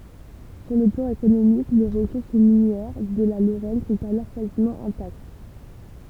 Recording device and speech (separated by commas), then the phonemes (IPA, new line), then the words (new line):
temple vibration pickup, read sentence
syʁ lə plɑ̃ ekonomik le ʁəsuʁs minjɛʁ də la loʁɛn sɔ̃t alɔʁ kazimɑ̃ ɛ̃takt
Sur le plan économique, les ressources minières de la Lorraine sont alors quasiment intactes.